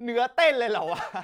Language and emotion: Thai, happy